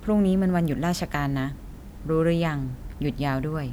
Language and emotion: Thai, neutral